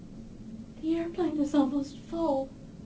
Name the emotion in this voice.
sad